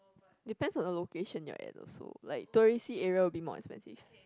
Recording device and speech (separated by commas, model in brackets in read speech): close-talking microphone, conversation in the same room